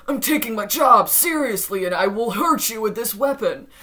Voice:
in a 'manly' voice